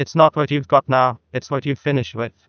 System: TTS, neural waveform model